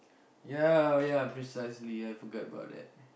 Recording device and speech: boundary microphone, conversation in the same room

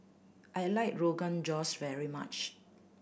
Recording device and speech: boundary microphone (BM630), read sentence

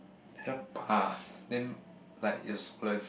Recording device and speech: boundary microphone, conversation in the same room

